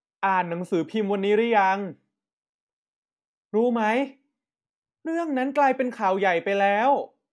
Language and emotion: Thai, neutral